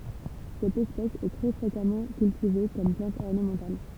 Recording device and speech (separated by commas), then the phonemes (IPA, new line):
temple vibration pickup, read sentence
sɛt ɛspɛs ɛ tʁɛ fʁekamɑ̃ kyltive kɔm plɑ̃t ɔʁnəmɑ̃tal